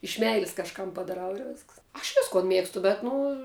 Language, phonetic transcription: Lithuanian, iš ˈmeilis kažˈkam padaˈrau ir ˈvėsks aš ˈviskon ˈmėgstu bet ˈnu

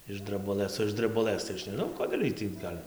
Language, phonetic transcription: Lithuanian, iš drabuˈlɘs o iš drebuˈlɘs tai ˈaš neˈžnau ˈkodėl' ˈiej tį ˈgal'

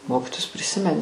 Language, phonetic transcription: Lithuanian, ˈmokitojus priˈsimeni

